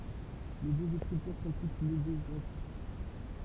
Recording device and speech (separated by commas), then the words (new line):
temple vibration pickup, read sentence
Les deux écritures sont toutes logographiques.